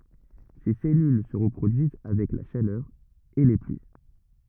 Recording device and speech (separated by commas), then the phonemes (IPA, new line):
rigid in-ear microphone, read sentence
se sɛlyl sə ʁəpʁodyiz avɛk la ʃalœʁ e le plyi